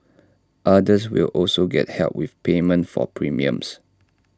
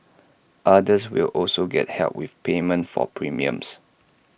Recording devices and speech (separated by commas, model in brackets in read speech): standing microphone (AKG C214), boundary microphone (BM630), read sentence